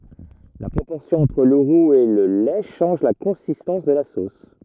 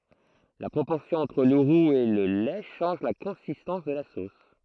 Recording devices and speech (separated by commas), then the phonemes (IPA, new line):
rigid in-ear microphone, throat microphone, read sentence
la pʁopɔʁsjɔ̃ ɑ̃tʁ lə ʁuz e lə lɛ ʃɑ̃ʒ la kɔ̃sistɑ̃s də la sos